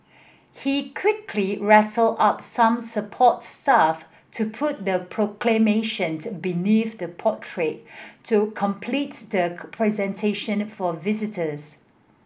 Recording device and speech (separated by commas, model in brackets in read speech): boundary microphone (BM630), read sentence